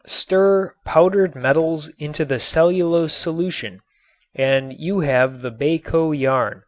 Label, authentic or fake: authentic